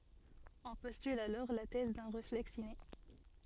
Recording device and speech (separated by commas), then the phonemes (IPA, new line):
soft in-ear microphone, read sentence
ɔ̃ pɔstyl alɔʁ la tɛz dœ̃ ʁeflɛks ine